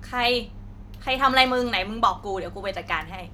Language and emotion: Thai, angry